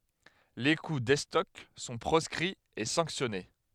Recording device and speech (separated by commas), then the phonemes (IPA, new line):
headset microphone, read sentence
le ku dɛstɔk sɔ̃ pʁɔskʁiz e sɑ̃ksjɔne